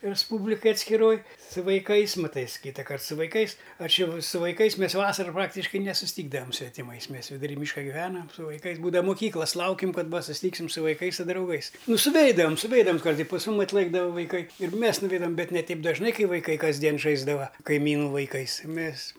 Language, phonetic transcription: Lithuanian, resˈpūblikaj atskiˈroj su vaiˈkais maˈtais ˈkytakart su vaiˈkais ˈaš ˈjau su vaiˈkais ˈmes ˈvasaru ˈpraktiškai nesusˈtykdavam svetiˈmais ˈmes viduˈry ˈmyška giˈvenam su vaiˈkais ˈbūdava muˈkyklas ˈlaukim ˈkad ˈva susiˈtyksim su vaiˈkais su drauˈgais ˈnu suˈveidavam suˈveidavams ˈkart i pas ˈmum atˈlɘkdava vaiˈkai ir ˈmės nuˈveidavam ˈbet ne ˈteip dažˈnai ˈkai vaiˈkai kasˈdien ˈžaisdava kaiˈmynu vaiˈkais ˈmės

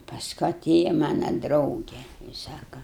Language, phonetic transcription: Lithuanian, pasˈku aˈtėja ˈmana ˈdrauge i ˈsaka

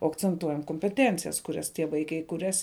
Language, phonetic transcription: Lithuanian, o akcenˈtuojam kompeˈtencijas kuˈrias tie ˈvaikai kuˈrias

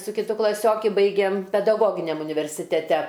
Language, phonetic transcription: Lithuanian, su kiˈtu klaˈsioki ˈbaigėm pedaˈgoginiam universiteˈte

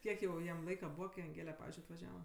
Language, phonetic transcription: Lithuanian, ˈkiek jau ˈjam ˈlaika ˈbūva kai anˈgėle ˈpavizdžiui atvaˈžiava

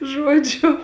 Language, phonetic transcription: Lithuanian, ˈžuodžiu

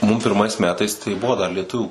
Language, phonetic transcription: Lithuanian, mum pirˈmais ˈmetais tai ˈbuvo dar lieˈtuvių

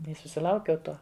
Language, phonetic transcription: Lithuanian, i susiˈlaukiau ˈtuo

